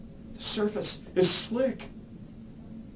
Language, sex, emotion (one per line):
English
male
fearful